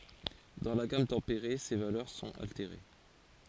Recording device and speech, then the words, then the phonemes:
forehead accelerometer, read sentence
Dans la gamme tempérée, ces valeurs sont altérées.
dɑ̃ la ɡam tɑ̃peʁe se valœʁ sɔ̃t alteʁe

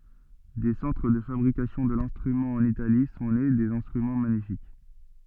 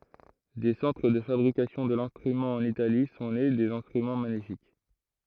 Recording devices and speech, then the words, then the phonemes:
soft in-ear microphone, throat microphone, read sentence
Des centres de fabrication de l'instrument en Italie, sont nés des instruments magnifiques.
de sɑ̃tʁ də fabʁikasjɔ̃ də lɛ̃stʁymɑ̃ ɑ̃n itali sɔ̃ ne dez ɛ̃stʁymɑ̃ maɲifik

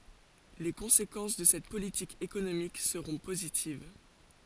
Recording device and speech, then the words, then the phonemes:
forehead accelerometer, read sentence
Les conséquences de cette politique économique seront positives.
le kɔ̃sekɑ̃s də sɛt politik ekonomik səʁɔ̃ pozitiv

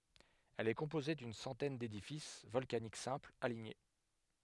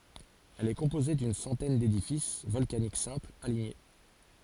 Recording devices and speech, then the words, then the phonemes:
headset microphone, forehead accelerometer, read sentence
Elle est composée d'une centaine d'édifices volcaniques simples, alignés.
ɛl ɛ kɔ̃poze dyn sɑ̃tɛn dedifis vɔlkanik sɛ̃plz aliɲe

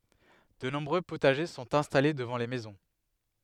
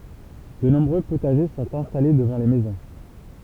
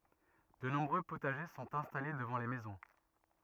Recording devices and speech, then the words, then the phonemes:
headset microphone, temple vibration pickup, rigid in-ear microphone, read sentence
De nombreux potagers sont installés devant les maisons.
də nɔ̃bʁø potaʒe sɔ̃t ɛ̃stale dəvɑ̃ le mɛzɔ̃

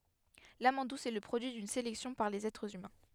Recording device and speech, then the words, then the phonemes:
headset microphone, read sentence
L'amande douce est le produit d'une sélection par les êtres humains.
lamɑ̃d dus ɛ lə pʁodyi dyn selɛksjɔ̃ paʁ lez ɛtʁz ymɛ̃

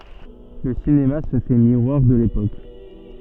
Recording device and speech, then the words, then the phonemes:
soft in-ear microphone, read sentence
Le cinéma se fait miroir de l'époque.
lə sinema sə fɛ miʁwaʁ də lepok

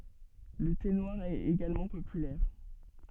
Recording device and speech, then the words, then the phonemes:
soft in-ear microphone, read sentence
Le thé noir est également populaire.
lə te nwaʁ ɛt eɡalmɑ̃ popylɛʁ

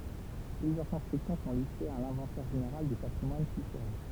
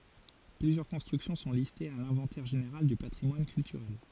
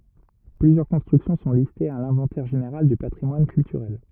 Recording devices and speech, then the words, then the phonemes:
temple vibration pickup, forehead accelerometer, rigid in-ear microphone, read sentence
Plusieurs constructions sont listées à l'Inventaire général du patrimoine culturel.
plyzjœʁ kɔ̃stʁyksjɔ̃ sɔ̃ listez a lɛ̃vɑ̃tɛʁ ʒeneʁal dy patʁimwan kyltyʁɛl

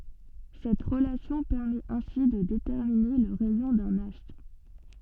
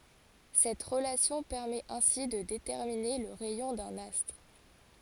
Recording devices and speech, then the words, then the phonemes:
soft in-ear microphone, forehead accelerometer, read sentence
Cette relation permet ainsi de déterminer le rayon d'un astre.
sɛt ʁəlasjɔ̃ pɛʁmɛt ɛ̃si də detɛʁmine lə ʁɛjɔ̃ dœ̃n astʁ

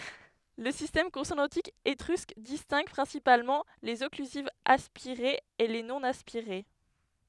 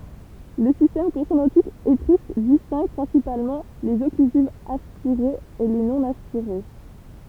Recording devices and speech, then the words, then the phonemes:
headset microphone, temple vibration pickup, read sentence
Le système consonantique étrusque distingue principalement les occlusives aspirées et les non-aspirées.
lə sistɛm kɔ̃sonɑ̃tik etʁysk distɛ̃ɡ pʁɛ̃sipalmɑ̃ lez ɔklyzivz aspiʁez e le nonaspiʁe

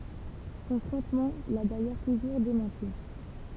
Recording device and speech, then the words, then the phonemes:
temple vibration pickup, read sentence
Son frontman l'a d'ailleurs toujours démenti.
sɔ̃ fʁɔ̃tman la dajœʁ tuʒuʁ demɑ̃ti

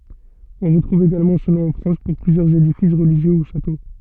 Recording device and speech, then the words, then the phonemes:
soft in-ear microphone, read sentence
On retrouve également ce nom en France pour plusieurs édifices religieux ou châteaux.
ɔ̃ ʁətʁuv eɡalmɑ̃ sə nɔ̃ ɑ̃ fʁɑ̃s puʁ plyzjœʁz edifis ʁəliʒjø u ʃato

